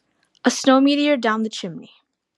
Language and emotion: English, fearful